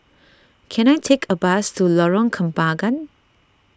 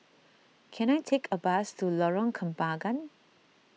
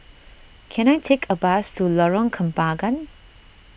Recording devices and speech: standing microphone (AKG C214), mobile phone (iPhone 6), boundary microphone (BM630), read sentence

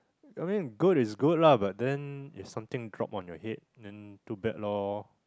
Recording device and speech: close-talking microphone, conversation in the same room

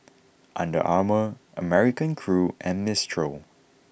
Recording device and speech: boundary microphone (BM630), read sentence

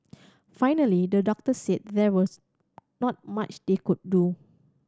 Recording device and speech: standing microphone (AKG C214), read sentence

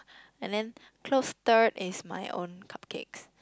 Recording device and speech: close-talking microphone, conversation in the same room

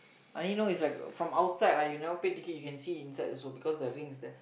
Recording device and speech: boundary microphone, conversation in the same room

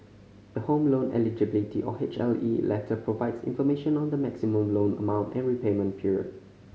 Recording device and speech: mobile phone (Samsung C5010), read sentence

